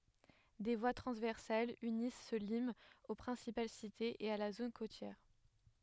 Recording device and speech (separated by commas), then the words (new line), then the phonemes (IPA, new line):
headset microphone, read sentence
Des voies transversales unissent ce limes aux principales cités, et à la zone côtière.
de vwa tʁɑ̃zvɛʁsalz ynis sə limz o pʁɛ̃sipal sitez e a la zon kotjɛʁ